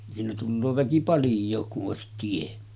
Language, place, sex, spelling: Finnish, Sotkamo, male, siinä tulee väki paljon kun olisi tie
- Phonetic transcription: siinä tulloo väki "palj̆jook kuˀ 'ˀòesit tie .

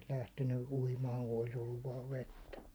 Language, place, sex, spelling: Finnish, Hollola, male, ne olisi lähtenyt uimaan kun olisi ollut vain vettä
- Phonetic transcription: ne olis 'lähtenny 'uimaaŋ ku olis olluv vaav 'vettä .

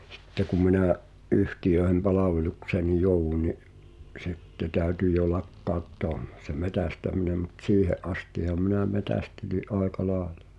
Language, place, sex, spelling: Finnish, Pihtipudas, male, sitten kun minä yhtiöiden palvelukseen jouduin niin sitten täytyi jo lakkauttaa - se metsästäminen mutta siihen astihan minä metsästelin aika lailla
- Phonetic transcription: sⁱtte ku minä̀’ , '’yhtijöehem "palavelukseenij̆ 'jouwun ni’ , "’sitte 'tä̀yty jo "lakkàuttoa m- , se "metästämineᵐ mᵘt "siihe’ '’astiham 'minä 'metä̀steli’ "’àeka 'laaᵉʟᴀ .

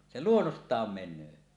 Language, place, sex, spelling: Finnish, Suomussalmi, male, se luonnostaan menee
- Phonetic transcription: 'se "luonnost̀aam 'men̆nöö .

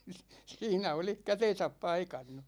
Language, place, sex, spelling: Finnish, Ikaalinen, male, siinä olisi kätensä paikannut
- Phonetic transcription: 'siinä 'olih "käten̬säp 'paikannu .

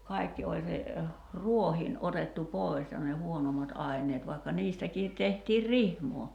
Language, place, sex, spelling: Finnish, Kerimäki, female, kaikki oli se rohdin otettu pois ja ne huonommat aineet vaikka niistäkin tehtiin rihmaa
- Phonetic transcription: 'kai̬kki oĺ se , "ruohiin 'otettu "pòi̬s ja ne "huonomat '’ai̬n̆neet vai̬kka 'niistäkiit 'tehtiir "rihmoo .

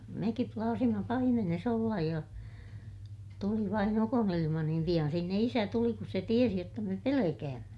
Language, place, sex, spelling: Finnish, Ilmajoki, female, mekin plaasimme paimenessa olla ja tuli vain ukonilma niin pian sinne isä tuli kun se tiesi jotta me pelkäämme
- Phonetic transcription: mekip plaasima paimenes ‿ollaj ja , tuli vain ‿ukonilima niim piʲan sinne isä tuli kus se tiesi jotta me pelekäämmä .

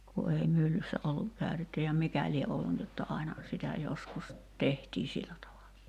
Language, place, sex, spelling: Finnish, Kerimäki, female, kun ei myllyssä ollut käytetty ja mikä lie ollut niin jotta aina sitä joskus tehtiin sillä tavalla
- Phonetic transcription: ku ei 'myllyssä olluk 'kä̀y̬tetty ja "mikä lie 'ollu ni jotta 'aina , sitä joskus , 'tehtii "sillä tavala .

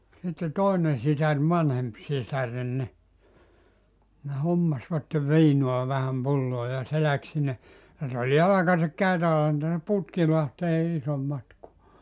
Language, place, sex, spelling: Finnish, Joutsa, male, sitten toinen sisar vanhempi sisareni niin ne hommasivat viinaa vähän pulloon ja se lähti sinne sitten oli jalkaisin käytävä onhan tästä Putkilahteen ison matkaa
- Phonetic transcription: sitte 'tòinen sisär 'vanhemp sisären ni , ne 'hommasvatte 'viinua vähäm 'pulloo ja 'se läk sinne , sit ‿ol 'jalakasik 'käytävä (ohan tästä) 'Putkilahtee 'isom matkua .

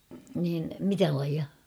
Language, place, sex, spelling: Finnish, Kauhava, female, niin mitä lajia
- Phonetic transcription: niin , 'mitä laija ?

